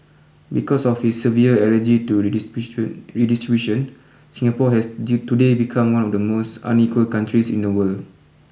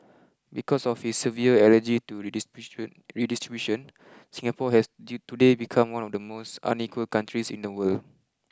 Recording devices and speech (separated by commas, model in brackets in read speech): boundary microphone (BM630), close-talking microphone (WH20), read sentence